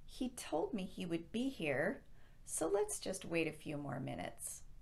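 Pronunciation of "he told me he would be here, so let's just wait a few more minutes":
The voice swings up at the end of 'he told me he would be here', before 'so', showing that the sentence is not finished even though that first clause could stand alone.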